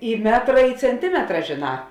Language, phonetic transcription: Lithuanian, i ˈmetra i cenˈtimetra žėˈnā

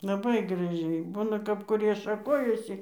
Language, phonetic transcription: Lithuanian, laˈbai graˈžiai ˈbūna kap kuˈrie šaˈkojasi

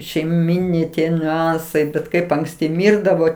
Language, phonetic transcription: Lithuanian, šeiˈminiai ˈtie niuˈansai bet ˈkaip ankˈsti ˈmyrdavo

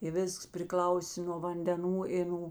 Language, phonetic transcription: Lithuanian, i ˈvisks priˈklausė no vandeˈnų i ˈnū

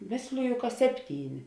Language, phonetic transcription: Lithuanian, ˈmėsliju ka ˈsepˌtyˌni

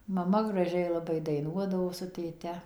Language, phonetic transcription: Lithuanian, maˈma graˈžiai laˈbai daiˈnuodavo su tėˈte

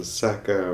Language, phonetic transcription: Lithuanian, ˈsaka

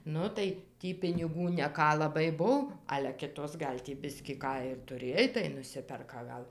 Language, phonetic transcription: Lithuanian, ˈnu tai ˈtį piniˈgų neˈką laˈbai ˈbuv ale ˈkitos ˈgal' tį ˈbiskį ˈką ir tuˈrėj tai nuˈsiperka gal

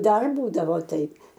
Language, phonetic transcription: Lithuanian, ˈdar ˈbūdavo ˈtaip

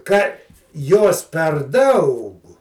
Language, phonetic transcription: Lithuanian, ka ˈjos per ˈdaug

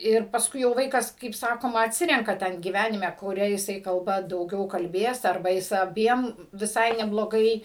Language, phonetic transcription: Lithuanian, ir pasˈkui jau ˈvaikas kaip ˈsakoma atˈsirenka ˈten gyˈvenime kuˈria jiˈsai kalˈba dauˈgiau kalˈbės arˈba ˈjis aˈbiem viˈsai nebloˈgai

